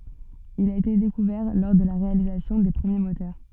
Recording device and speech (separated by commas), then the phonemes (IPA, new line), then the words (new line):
soft in-ear microphone, read sentence
il a ete dekuvɛʁ lɔʁ də la ʁealizasjɔ̃ de pʁəmje motœʁ
Il a été découvert lors de la réalisation des premiers moteurs.